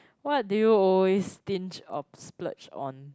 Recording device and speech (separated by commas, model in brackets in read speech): close-talking microphone, conversation in the same room